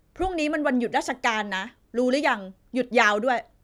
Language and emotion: Thai, angry